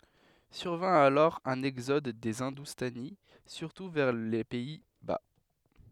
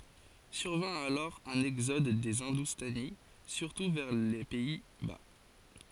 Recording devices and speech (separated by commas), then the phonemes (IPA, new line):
headset microphone, forehead accelerometer, read sentence
syʁvɛ̃ alɔʁ œ̃n ɛɡzɔd de ɛ̃dustani syʁtu vɛʁ le pɛi ba